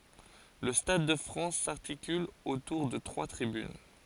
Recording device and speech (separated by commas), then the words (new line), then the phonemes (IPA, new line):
forehead accelerometer, read sentence
Le stade de France s'articule autour de trois tribunes.
lə stad də fʁɑ̃s saʁtikyl otuʁ də tʁwa tʁibyn